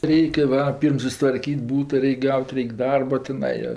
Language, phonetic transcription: Lithuanian, ˈreikia va ˈpyrm susitvarˈkyt' ˈbūta ˈreik' ˈgaut' ˈreik' ˈdarba tiˈnai jo

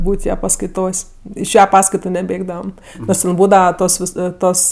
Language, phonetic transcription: Lithuanian, ˈbūt' ˈja paskaiˈtos' iš ˈja ˈpaskaitu neˈbėgdavam nors ten ˈbūdava ˈtos ˈvis ˈtos

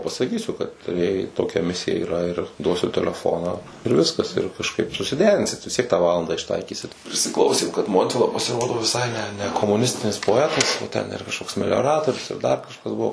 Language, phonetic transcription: Lithuanian, pasaˈkysiu kad jai toˈkia ˈmisija iˈra ir ˈduosiu teleˈfoną ir ˈviskas ir kažˈkaip susiˈderinsit visˈtiek tą ˈvalandą išˈtaikysit prisiˈklausėm kad ˈmontvila pasiˈrodo viˈsai ne ne nekomuˈnistinis poˈetas ˈten iˈra kažˈkoks melioˈratorius jau dar kažˈkas ˈbuo

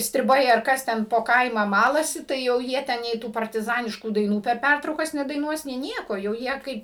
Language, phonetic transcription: Lithuanian, striˈbai ar ˈkas ten po ˈkaimą ˈmalasi ˈtai jau ˈjie ˈten nei ˈtų partiˈzaniškų daiˈnų per ˈpærtraukas nedaiˈnuos nei ˈnieko jau ˈjie ˈkaip

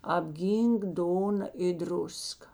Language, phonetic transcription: Lithuanian, apˈgynk ˈdona i ˈdruska

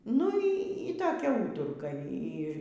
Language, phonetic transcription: Lithuanian, nu ˈy toˈkia ˈūturka ˈy

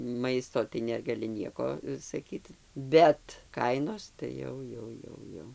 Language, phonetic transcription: Lithuanian, ˈmaisto tai negaˈli ˈnieko saˈkyt bet ˈkainos tai ˈjau ˈjau ˈjau ˈjau

